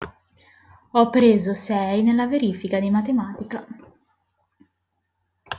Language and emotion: Italian, neutral